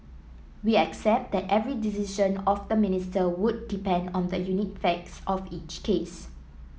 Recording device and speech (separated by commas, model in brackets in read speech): mobile phone (iPhone 7), read sentence